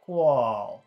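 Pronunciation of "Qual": The syllable 'qual' is said long, not short.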